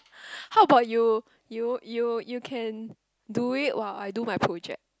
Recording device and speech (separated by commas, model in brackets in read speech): close-talking microphone, conversation in the same room